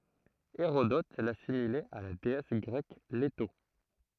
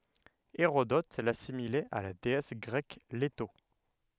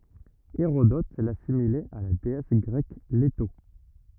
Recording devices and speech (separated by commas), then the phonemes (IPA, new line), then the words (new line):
throat microphone, headset microphone, rigid in-ear microphone, read sentence
eʁodɔt lasimilɛt a la deɛs ɡʁɛk leto
Hérodote l'assimilait à la déesse grecque Léto.